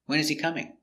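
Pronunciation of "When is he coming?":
In 'When is he coming?', the words are linked together rather than said separately.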